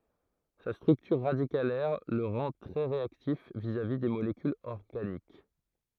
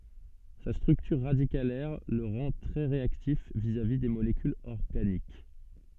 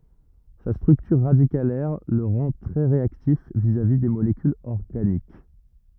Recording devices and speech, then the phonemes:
throat microphone, soft in-ear microphone, rigid in-ear microphone, read sentence
sa stʁyktyʁ ʁadikalɛʁ lə ʁɑ̃ tʁɛ ʁeaktif vizavi de molekylz ɔʁɡanik

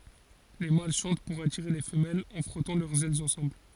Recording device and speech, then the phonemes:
forehead accelerometer, read sentence
le mal ʃɑ̃t puʁ atiʁe le fəmɛlz ɑ̃ fʁɔtɑ̃ lœʁz ɛlz ɑ̃sɑ̃bl

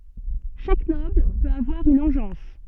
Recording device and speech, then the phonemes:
soft in-ear microphone, read sentence
ʃak nɔbl pøt avwaʁ yn ɑ̃ʒɑ̃s

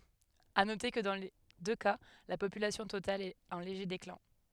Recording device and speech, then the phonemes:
headset microphone, read sentence
a note kə dɑ̃ le dø ka la popylasjɔ̃ total ɛt ɑ̃ leʒe deklɛ̃

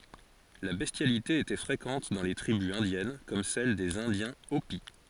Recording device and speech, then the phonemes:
forehead accelerometer, read sentence
la bɛstjalite etɛ fʁekɑ̃t dɑ̃ le tʁibys ɛ̃djɛn kɔm sɛl dez ɛ̃djɛ̃ opi

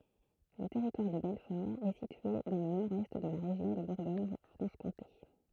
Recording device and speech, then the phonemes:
throat microphone, read sentence
lə tɛʁitwaʁ də bɛlfɔʁ ɛ sitye dɑ̃ lə nɔʁdɛst də la ʁeʒjɔ̃ də buʁɡoɲfʁɑ̃ʃkɔ̃te

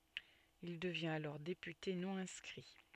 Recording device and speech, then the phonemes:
soft in-ear microphone, read sentence
il dəvjɛ̃t alɔʁ depyte nɔ̃ ɛ̃skʁi

